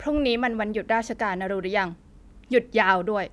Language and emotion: Thai, frustrated